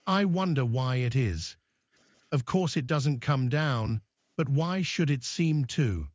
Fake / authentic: fake